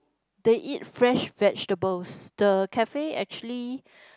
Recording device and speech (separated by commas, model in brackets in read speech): close-talking microphone, conversation in the same room